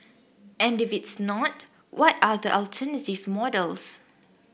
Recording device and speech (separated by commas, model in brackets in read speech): boundary microphone (BM630), read sentence